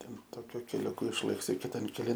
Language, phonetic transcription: Lithuanian, ˈten ˈtokiu keliuˈku išˈlɘksi kiˈtan keˈlin

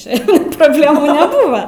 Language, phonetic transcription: Lithuanian, ˈčia problėˈmu neˈbūva

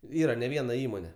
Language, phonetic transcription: Lithuanian, ˈyra ne ˈviena ˈįmone

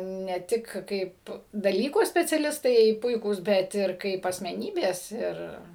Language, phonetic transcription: Lithuanian, ne ˈtik ˈkaip daˈlyko speciaˈlistai ˈpuikūs ˈbet ˈir ˈkaip asmeˈnybės ˈir

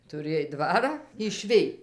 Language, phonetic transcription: Lithuanian, tuˈrėj ˈdvarą išˈvij

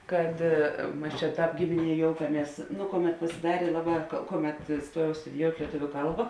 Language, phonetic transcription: Lithuanian, ˈkad ˈmas čia ˈtāp ˈgimiˌnie ˈjoukaˌmies ˈnu ˈkoˌmet pasiˈdarė ˈlaˌbā ˈkoˌmet ˈstuojau studiˈjout' lieˈtuviu ˈkalba

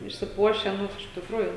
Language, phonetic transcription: Lithuanian, išsiˈpuošę ˈnu iš tikˈrųjų

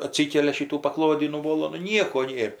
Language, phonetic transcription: Lithuanian, aˈtsykelia ˈšytų paˈklodį nuˈvolo nu ˈnieko ˈnėr

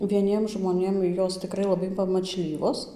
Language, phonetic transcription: Lithuanian, vieˈniem žmoˈnėm ˈjos tiˈkrai laˈbai pamačˈlyvos

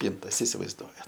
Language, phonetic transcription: Lithuanian, ˈpyntas isivaizˈduojat

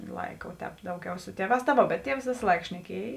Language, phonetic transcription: Lithuanian, ˈlaika o ˈtēp ˈdauˌgiau ˈsu ˈtieˌvās ta ˈvo bet ˈtievs ˈvėsa ˈlaika šneˈkiej

